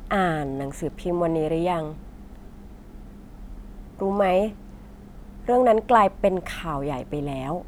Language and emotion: Thai, neutral